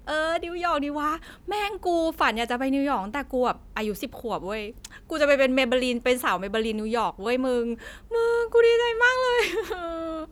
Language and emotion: Thai, happy